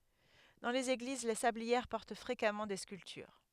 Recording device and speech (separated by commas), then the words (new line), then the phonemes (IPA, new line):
headset microphone, read sentence
Dans les églises, les sablières portent fréquemment des sculptures.
dɑ̃ lez eɡliz le sabliɛʁ pɔʁt fʁekamɑ̃ de skyltyʁ